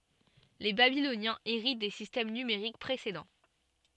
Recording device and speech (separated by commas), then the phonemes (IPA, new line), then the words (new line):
soft in-ear microphone, read sentence
le babilonjɛ̃z eʁit de sistɛm nymeʁik pʁesedɑ̃
Les Babyloniens héritent des systèmes numériques précédents.